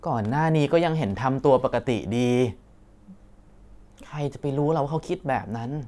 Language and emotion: Thai, frustrated